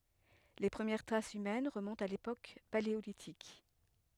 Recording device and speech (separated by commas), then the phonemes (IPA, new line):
headset microphone, read sentence
le pʁəmjɛʁ tʁasz ymɛn ʁəmɔ̃tt a lepok paleolitik